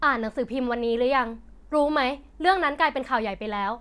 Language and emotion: Thai, frustrated